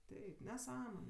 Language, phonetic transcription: Lithuanian, ˈteip neˈsąmone

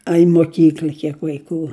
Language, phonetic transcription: Lithuanian, a i moˈkykl'a ˈkiek vaiˈkų

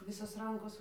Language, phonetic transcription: Lithuanian, ˈvisos ˈrankos

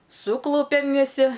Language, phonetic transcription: Lithuanian, ˈsūklupiam viˈsi

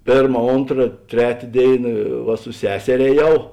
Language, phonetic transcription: Lithuanian, ˈpėrma ˈontra ˈtretė ˈdėina va su ˈseserė ēˈjau

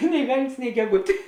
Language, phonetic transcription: Lithuanian, ni ˈvel'n's' ni geˈgutė

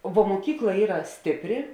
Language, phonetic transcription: Lithuanian, vuo muoˈkykla ˈyra ˈstipˌri

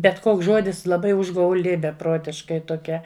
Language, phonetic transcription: Lithuanian, bet ˈkoks ˈžodis laˈbai užgauˈli beˈprotiškai toˈkia

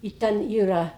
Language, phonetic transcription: Lithuanian, i ˈten ˈyra

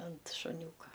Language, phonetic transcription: Lithuanian, ant šuˈniūka

